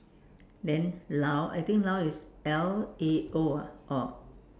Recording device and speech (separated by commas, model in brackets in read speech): standing microphone, conversation in separate rooms